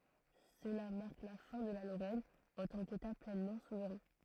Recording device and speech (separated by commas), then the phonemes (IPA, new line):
throat microphone, read sentence
səla maʁk la fɛ̃ də la loʁɛn ɑ̃ tɑ̃ keta plɛnmɑ̃ suvʁɛ̃